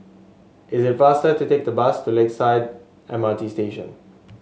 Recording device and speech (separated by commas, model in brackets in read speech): mobile phone (Samsung S8), read sentence